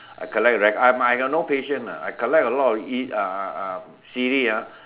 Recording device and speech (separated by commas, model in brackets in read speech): telephone, conversation in separate rooms